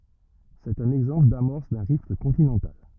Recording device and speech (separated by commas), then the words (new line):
rigid in-ear microphone, read sentence
C'est un exemple d'amorce d'un rift continental.